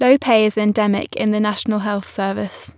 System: none